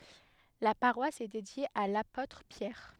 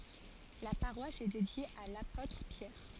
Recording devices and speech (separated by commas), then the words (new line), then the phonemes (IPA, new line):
headset microphone, forehead accelerometer, read sentence
La paroisse est dédiée à l'apôtre Pierre.
la paʁwas ɛ dedje a lapotʁ pjɛʁ